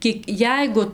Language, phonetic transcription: Lithuanian, ˈkiek ˈjeigu

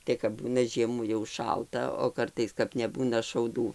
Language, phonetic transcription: Lithuanian, ˈtai kap ˈbūna ˈžiemų jau ˈšalta o ˈkartais kap neˈbūna šauˈdų

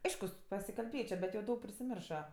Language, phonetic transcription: Lithuanian, ˈaiškus pasikalˈbėčio bet jau ˈdaug prisiˈmirša

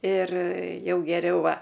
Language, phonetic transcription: Lithuanian, ir ˈjau geˈriau ˈva

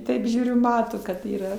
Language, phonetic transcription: Lithuanian, ˈtaip ˈžiūriu ˈmato kad yˈra

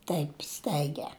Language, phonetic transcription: Lithuanian, ˈtaip ˈstaigia

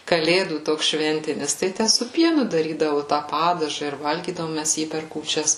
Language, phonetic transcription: Lithuanian, kaˈlėdų ˈtoks ˈšventinis ˈtai su ˈpienu daˈrydavu tą ˈpadažą ir ˈvalgydavom ˈmæs ˈjį per kūˈčias

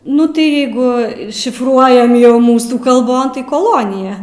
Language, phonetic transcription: Lithuanian, ˈnu tai ˈjeigu šifˈruojam ˈjau ˈmūsų kalˈbon koˈlonija

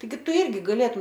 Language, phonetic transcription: Lithuanian, taiˈgi ˈtu ˈirgi gaˈlėtum

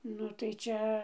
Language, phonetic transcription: Lithuanian, ˈnu tai ˈčia

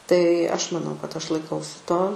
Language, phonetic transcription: Lithuanian, tai ˈaš maˈnau kad ˈaš laiˈkausi ˈto

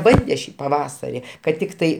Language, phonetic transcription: Lithuanian, ˈbande ˈšį paˈvasari kad ˈtiktai

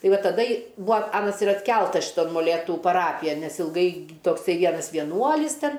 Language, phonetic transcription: Lithuanian, ˈtai ˈva taˈda i ˈbūa ˈanas ir atˈkeltas šiˈton moˈlėtu paˈrapijan ˈnes ilˈgai tokˈsai ˈvienas vieˈnuolis ˈten

